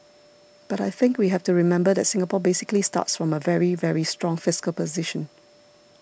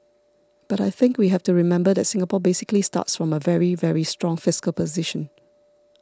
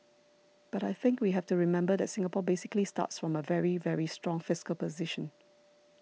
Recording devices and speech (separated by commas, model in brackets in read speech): boundary microphone (BM630), standing microphone (AKG C214), mobile phone (iPhone 6), read sentence